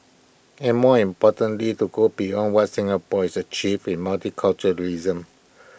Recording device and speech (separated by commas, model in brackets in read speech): boundary microphone (BM630), read sentence